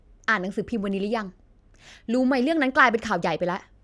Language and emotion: Thai, angry